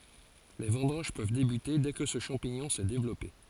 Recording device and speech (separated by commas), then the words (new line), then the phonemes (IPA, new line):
forehead accelerometer, read sentence
Les vendanges peuvent débuter dès que ce champignon s'est développé.
le vɑ̃dɑ̃ʒ pøv debyte dɛ kə sə ʃɑ̃piɲɔ̃ sɛ devlɔpe